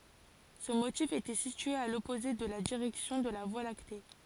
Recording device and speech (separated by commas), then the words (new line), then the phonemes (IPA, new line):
forehead accelerometer, read sentence
Ce motif était situé à l'opposé de la direction de la Voie lactée.
sə motif etɛ sitye a lɔpoze də la diʁɛksjɔ̃ də la vwa lakte